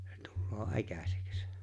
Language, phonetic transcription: Finnish, sᴇ 'tᴜlloo ''’äkä̀seks .
- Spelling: se tulee äkäiseksi

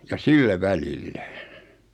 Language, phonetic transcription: Finnish, ja "sillä "välillä .
- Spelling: ja sillä välillä

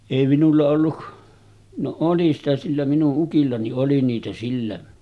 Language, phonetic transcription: Finnish, èi minulla ollu , no 'oli sitä sillä 'minu’ '’ukilla ni’ '’oli niitä sillä .
- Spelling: ei minulla ollut no oli sitä sillä minun ukilla niin oli niitä sillä

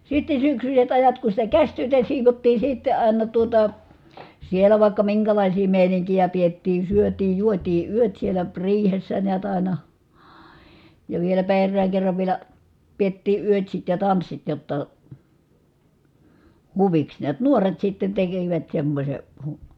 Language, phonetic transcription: Finnish, sitte syksyset ajat ku sitä käśtyötä siivottii sitte ài̮na tuota , sielä vài̮kka miŋkälàisii mèiniŋkijä piettii , syötii juotii yöt sielä , riihessä niät ài̮na , ja vieläpä errääŋ kerrav vielä , piettii yötsit ja tanssit jotta , huviks niät nuoret sitten tekivät semmośe , hu- ,.
- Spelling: sitten syksyiset ajat kun sitä käsityötä siivottiin sitten aina tuota siellä vaikka minkälaisia meininkiä pidettiin syötiin juotiin yöt siellä riihessä näet aina ja vieläpä erään kerran vielä pidettiin yötsit ja tanssit jotta huviksi näet nuoret sitten tekivät semmoisen -

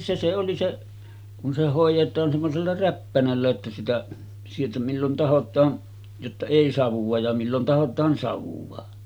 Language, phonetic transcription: Finnish, se se oli 'se , kun se 'hòij̆jet̀aan semmosella 'räppänällä ᵉttä sitä , sieltä millon 'tahot̆taan , jotta 'èi savuᵛa ja 'millon tahot̀aan savuva .
- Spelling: se se oli se kun se hoidetaan semmoisella räppänällä että sitä sieltä milloin tahdotaan jotta ei savua ja milloin tahdotaan savua

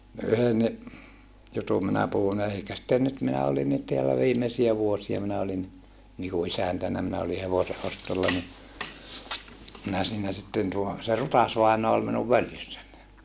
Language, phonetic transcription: Finnish, yhenni , jutum minä puhun eikä sⁱtte nyt minä olinnit teälä viimesiä vuosia minä olinni , niku isäntännä minä oli hevose ʼostolla ni , minä siinä sitten tuo , se Rutasvainoa ol minuv völjyssän .
- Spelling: yhdenkin jutun minä puhun eikä sitten nyt minä olinkin täällä viimeisiä vuosia minä olinkin niin kuin isäntänä minä olin hevosen ostolla niin minä siinä sitten tuo se Rutas-vainaa oli minun följyssäni

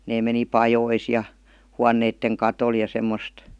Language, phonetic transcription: Finnish, 'nee meni "pajois ja , 'huanneitteŋ "katol ja 'semmost .
- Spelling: ne meni pajoihin ja huoneiden katolle ja semmoista

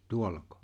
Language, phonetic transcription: Finnish, 'tuollako ?
- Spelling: tuollako

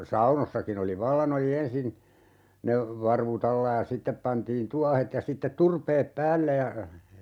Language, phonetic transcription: Finnish, 'saunossakin ‿oli "vallan ‿oli 'ensin , 'ne , 'varvu't ‿alla ja 'sittep pantiin "tuahet ja 'sittet 'turpeep "päälle ja , .
- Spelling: saunoissakin oli vallan oli ensin ne varvut alla ja sitten pantiin tuohet ja sitten turpeet päälle ja

